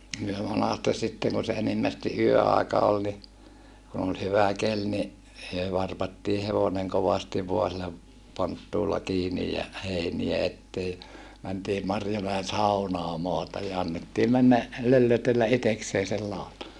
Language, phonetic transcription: Finnish, myö monàstes sitteŋ kun̬ se enimmästi ʼyö₍àeka ol ni , kun ‿ol hyvä kel ni , (myö) varpattii hevoneŋ kovastiv voa sillä , ponttuulla kiinij ja , heiniä ettee , mäntii Marjomäen̬ saunaa maataj ja annettii männä , löllötellä ʼiteksee sel làota .
- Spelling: me monasti sitten kun se enimmästi yöaika oli niin kun oli hyvä keli niin me varpattiin hevonen kovasti vain sillä ponttuulla kiinni ja heiniä eteen mentiin Marjomäen saunaan maata ja annettiin mennä löllötellä itsekseen sen lautan

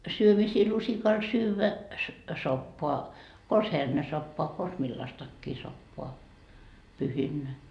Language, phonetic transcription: Finnish, syömisii 'lusikal syyvä , 'soppoa , kons 'hernesoppoa kons 'millastakkii soppoa , 'pyhinnä .
- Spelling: syömisiä lusikalla syödä soppaa konsa hernesoppaa konsa millaistakin soppaa pyhinä

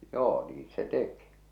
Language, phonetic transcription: Finnish, 'joo niiⁿ 'se "teki .
- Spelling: joo niin se teki

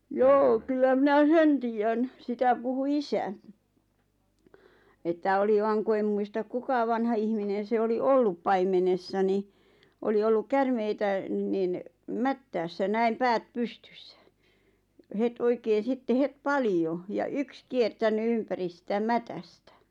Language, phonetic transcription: Finnish, joo 'kyllä mⁱnä "sen tiijjän , 'sitä puhu "isäɴ(ɪ) , että 'oli vaŋ ku 'em muista 'kuka vanha ihminen̬ se oli "ollup paimenessa ni , 'oli olluk 'kärmeitä , nin , "mättäässä 'näim "päät 'pustʏssᴀ̈ , ʿʲᵃʾ 'het 'oikeen̬ 'sitte 'het "palijo , ja "yks kiertäny 'ympäri sⁱtä "mätästä .
- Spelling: joo kyllä minä sen tiedän sitä puhui isäni että oli vain kun en muista kuka vanha ihminen se oli ollut paimenessa niin oli ollut käärmeitä niin mättäässä näin päät pystyssä ja heti oikein sitten heti paljon ja yksi kiertänyt ympäri sitä mätästä

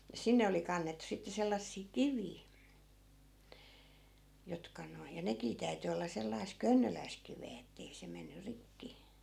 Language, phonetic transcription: Finnish, ja 'sinne oli 'kannettᵘ 'sitte sellassii "kivii , 'jotka noi ja 'nekii täy̬ty olla 'sellais "könnöläisk̆ 'kivee ettei se 'menny 'rikki .
- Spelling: ja sinne oli kannettu sitten sellaisia kiviä jotka nuo ja nekin täytyi olla sellaista könnöläistä kiveä että ei se mennyt rikki

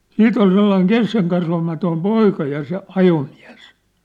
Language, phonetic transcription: Finnish, siit ‿ol 'sellaiŋ "keskeŋkasvamatoim "poika ja se "ajomiä̭s .
- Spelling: sitten oli sellainen keskenkasvuinen poika ja se ajomies

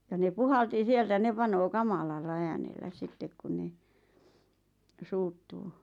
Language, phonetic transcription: Finnish, ja ne "puhalti 'sieltä 'ne panoo "kamalalla 'äänellä 'sittek kun ne , 'suuttuu .
- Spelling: ja ne puhalsi sieltä ne panee kamalalla äänellä sitten kun ne suuttuu

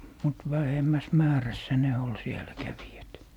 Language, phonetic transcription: Finnish, mut 'vähemmäs "määrässä ne 'ol siel̀ä 'kävijät .
- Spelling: mutta vähemmässä määrässä ne oli siellä kävijät

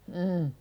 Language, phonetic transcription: Finnish, n̥̄ .
- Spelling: niin

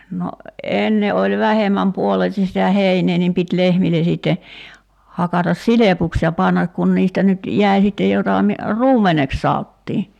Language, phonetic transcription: Finnish, 'no , 'enne oĺ 'vähem̀äm 'puoleis[es]ti sitä "heinee nim 'pit 'lehmilen siitte , 'hakatas "silepuks ja 'pannak kun 'niistä nyt , 'jäi̬ sitte 'jota mi- , "ruum̀eneks 'saottii .
- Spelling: no ennen oli vähemmän puoleisesti sitä heinää niin piti lehmille sitten hakata silpuksi ja panna kun niistä nyt jäi sitten jota - ruumeneksi sanottiin

